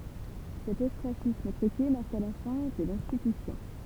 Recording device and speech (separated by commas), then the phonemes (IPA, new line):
temple vibration pickup, read sentence
sɛt ɔstʁasism tʁyke maʁka la fɛ̃ də lɛ̃stitysjɔ̃